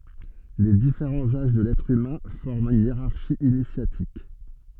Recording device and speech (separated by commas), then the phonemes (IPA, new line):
soft in-ear microphone, read sentence
le difeʁɑ̃z aʒ də lɛtʁ ymɛ̃ fɔʁmt yn jeʁaʁʃi inisjatik